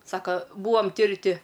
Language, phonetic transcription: Lithuanian, ˈsaka ˈbūom ˈti ir ˈti

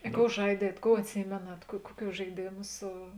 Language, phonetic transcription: Lithuanian, i ˈkou ˈžaidiet ˈkou atˈsymėnat kuo ˈkuoˌkių žaiˈdėmu ˈsu

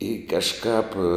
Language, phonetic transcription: Lithuanian, i kažˈkāp

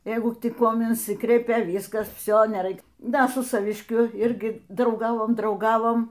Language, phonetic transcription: Lithuanian, ˈjeigu tik ˈkuom inˈsikreipia ˈvyskas ˈvsio neˈraik ˈda su savišˈkiu ˈirgi drauˈgavom drauˈgavom

